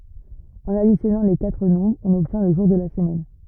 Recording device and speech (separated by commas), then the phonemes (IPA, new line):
rigid in-ear microphone, read sentence
ɑ̃n adisjɔnɑ̃ le katʁ nɔ̃bʁz ɔ̃n ɔbtjɛ̃ lə ʒuʁ də la səmɛn